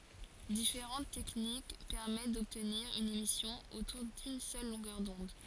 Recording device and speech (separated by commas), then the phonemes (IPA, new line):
forehead accelerometer, read sentence
difeʁɑ̃t tɛknik pɛʁmɛt dɔbtniʁ yn emisjɔ̃ otuʁ dyn sœl lɔ̃ɡœʁ dɔ̃d